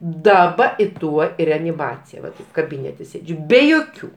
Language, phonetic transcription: Lithuanian, daˈba i ˈtuo i reaniˈmacija va ˈtaip kaˈbinete ˈsėdžiu ˈbe joˈkių

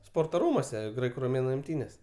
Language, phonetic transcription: Lithuanian, ˈsporto ˈrūmuose ˈgraiku roˈmėnu imˈtynės

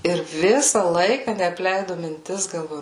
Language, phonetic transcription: Lithuanian, ir ˈvisa ˈlaika neapˈleidu minˈtis galˈvoju

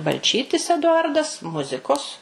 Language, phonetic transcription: Lithuanian, balˈčytis eduˈardas ˈmuzikos

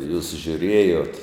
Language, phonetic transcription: Lithuanian, jūs žiuˈrėjot

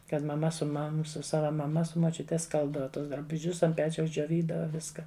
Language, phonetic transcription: Lithuanian, kad maˈma su ˈmam ˈsu ˈsava maˈma su moˈčiute ˈskalbdava ˈtus drabuˈžius ant ˈpečiaus džioˈvydava ˈviska

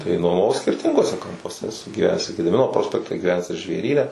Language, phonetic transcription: Lithuanian, tai nuomaˈvau skirˈtinguose kampuoˈse eˈsu gyˈvenęs i gediˈmino ˈprospekte gyˈvenęs ir žvėˈryne

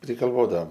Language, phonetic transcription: Lithuanian, prigalˈvodaom

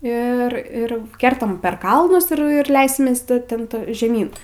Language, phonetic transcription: Lithuanian, ir ˈir ˈkertam per ˈkalnus ir ir ˈleisimės ti ten ˈto žeˈmyn

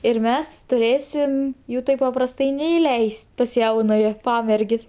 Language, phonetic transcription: Lithuanian, ir ˈmes tuˈrėsim ˈjų ˈtaip paprasˈtai neiˈleis't' pas ˈjaunaja ˈpamergės'

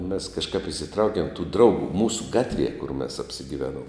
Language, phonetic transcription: Lithuanian, mes kažˈkap isiˈtraukiem tų ˈdraugu ˈmūsu ˈgatˌvie kur mes apsigiˈveˌnuom

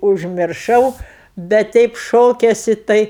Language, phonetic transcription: Lithuanian, užmirˈšau bet ˈteip ˈšokesi ˈtai

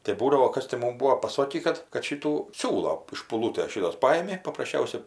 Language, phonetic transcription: Lithuanian, tai ˈbūdavo ˈkas ti ˈmum ˈbūo paˈsokį ˈkad kad ˈšitų ˈsiūlo iš špuˈlūtės ˈšitos ˈpajimi paprasˈčiausia

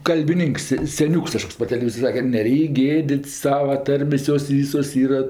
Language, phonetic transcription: Lithuanian, kalbiˈninks seˈniūks kaˈžkoks par teleˈvyzor' ˈsake kad neˈreik' ˈgėdit's' ˈsava ˈtarmės' ˈjos ˈvysos ˈyra

